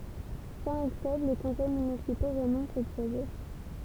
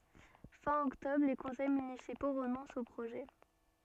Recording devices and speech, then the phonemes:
temple vibration pickup, soft in-ear microphone, read sentence
fɛ̃ ɔktɔbʁ le kɔ̃sɛj mynisipo ʁənɔ̃st o pʁoʒɛ

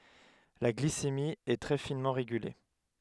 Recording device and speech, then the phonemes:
headset microphone, read sentence
la ɡlisemi ɛ tʁɛ finmɑ̃ ʁeɡyle

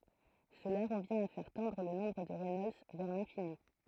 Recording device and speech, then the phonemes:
throat microphone, read sentence
səla ʁəvjɛ̃t a fɛʁ tɑ̃dʁ lə nɔ̃bʁ də ʁɛnɔlds vɛʁ lɛ̃fini

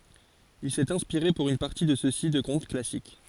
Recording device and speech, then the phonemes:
forehead accelerometer, read sentence
il sɛt ɛ̃spiʁe puʁ yn paʁti də søksi də kɔ̃t klasik

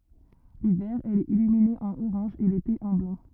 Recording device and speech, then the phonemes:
rigid in-ear microphone, read sentence
livɛʁ ɛl ɛt ilymine ɑ̃n oʁɑ̃ʒ e lete ɑ̃ blɑ̃

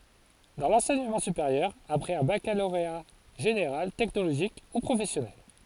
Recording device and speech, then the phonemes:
forehead accelerometer, read sentence
dɑ̃ lɑ̃sɛɲəmɑ̃ sypeʁjœʁ apʁɛz œ̃ bakaloʁea ʒeneʁal tɛknoloʒik u pʁofɛsjɔnɛl

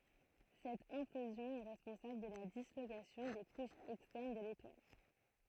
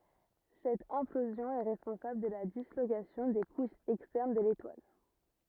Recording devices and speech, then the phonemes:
throat microphone, rigid in-ear microphone, read sentence
sɛt ɛ̃plozjɔ̃ ɛ ʁɛspɔ̃sabl də la dislokasjɔ̃ de kuʃz ɛkstɛʁn də letwal

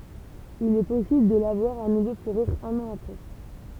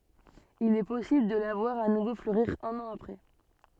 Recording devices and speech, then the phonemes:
temple vibration pickup, soft in-ear microphone, read sentence
il ɛ pɔsibl də la vwaʁ a nuvo fløʁiʁ œ̃n ɑ̃ apʁɛ

